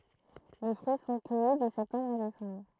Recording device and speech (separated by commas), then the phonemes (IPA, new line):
throat microphone, read sentence
le fʁyi sɔ̃ kœji də sɛptɑ̃bʁ a desɑ̃bʁ